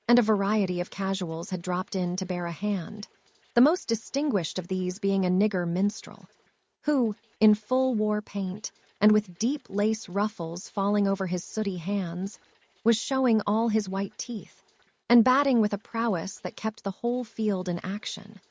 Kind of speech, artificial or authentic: artificial